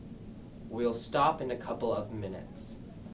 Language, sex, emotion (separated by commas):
English, male, neutral